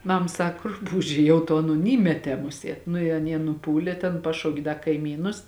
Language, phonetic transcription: Lithuanian, ˈmam ˈsak ˈrupūžė ˈjau to ˈaˌnon ˈįmetē ˈmuˌsiet ˈnu i aˈnie nuˈpūlė ten ˈpašaukė ˈda kaiˈmynus

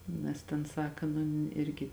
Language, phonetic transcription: Lithuanian, ˈnes tėn ˈsaka nu ˈirgi

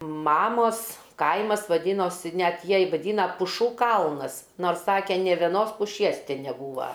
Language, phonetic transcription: Lithuanian, ˈmamos ˈkaimas vaˈdynosi ˈnet ˈjiej vaˈdyna puˈšų ˈkalnas ˈnors ˈsake nė veˈnos puˈšies ˈti neˈbūva

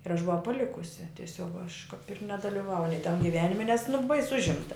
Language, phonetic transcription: Lithuanian, ir aš buˈvau paˈlikusi tieˈsiog aš kap ir nedalyˈvauj nei tam giˈvenime nes nu bais ˈužimta

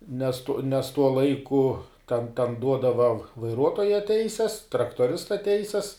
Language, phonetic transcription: Lithuanian, nes tu nes ˈtuo ˈlaiku ten ten ˈduodava vaiˈruotoja ˈteises traktoˈrista ˈteises

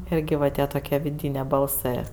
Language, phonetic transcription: Lithuanian, ˈirgi va ˈtie toˈkie viˈdynė balˈsɜ

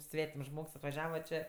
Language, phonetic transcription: Lithuanian, ˈsvetims ˈžmogs atvaˈžiava čė

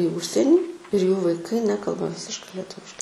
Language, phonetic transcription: Lithuanian, į ˈužsienį ir jų vaiˈkai ˈnekalba ˈvisiškai leˈtuviškai

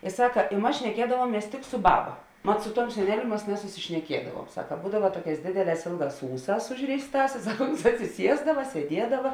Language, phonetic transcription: Lithuanian, i ˈsaka i ˈmas šneˈkiedavuomies tik su ˈbaba mat su ˈtuom seˈneliu ˈmas nesusišneˈkiedavuom ˈsaka ˈbūdava ˈtuoˌkēs ˈdėdeˌlēs ˈėlˌgās ˈūˌsās ˈužrėisˌtās i ˈsak uns atsiˈsiesdava sieˈdiedava

